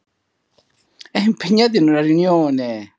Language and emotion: Italian, happy